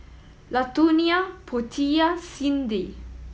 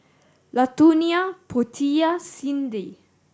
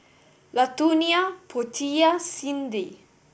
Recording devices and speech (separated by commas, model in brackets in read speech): mobile phone (iPhone 7), standing microphone (AKG C214), boundary microphone (BM630), read sentence